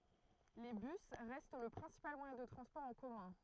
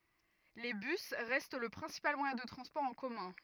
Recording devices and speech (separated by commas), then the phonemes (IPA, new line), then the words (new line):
throat microphone, rigid in-ear microphone, read sentence
le bys ʁɛst lə pʁɛ̃sipal mwajɛ̃ də tʁɑ̃spɔʁ ɑ̃ kɔmœ̃
Les bus restent le principal moyen de transport en commun.